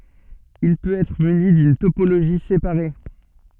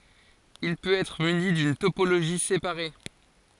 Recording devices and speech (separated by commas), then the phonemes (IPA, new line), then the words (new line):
soft in-ear microphone, forehead accelerometer, read sentence
il pøt ɛtʁ myni dyn topoloʒi sepaʁe
Il peut être muni d'une topologie séparée.